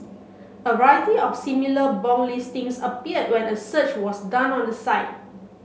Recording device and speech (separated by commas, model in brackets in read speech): mobile phone (Samsung C7), read sentence